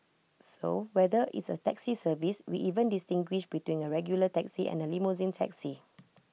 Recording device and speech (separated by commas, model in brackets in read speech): mobile phone (iPhone 6), read sentence